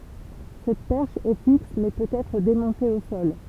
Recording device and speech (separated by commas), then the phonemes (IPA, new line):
temple vibration pickup, read sentence
sɛt pɛʁʃ ɛ fiks mɛ pøt ɛtʁ demɔ̃te o sɔl